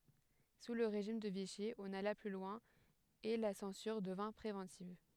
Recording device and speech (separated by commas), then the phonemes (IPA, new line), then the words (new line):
headset microphone, read sentence
su lə ʁeʒim də viʃi ɔ̃n ala ply lwɛ̃ e la sɑ̃syʁ dəvɛ̃ pʁevɑ̃tiv
Sous le régime de Vichy, on alla plus loin et la censure devint préventive.